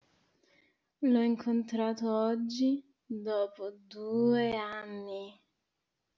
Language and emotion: Italian, disgusted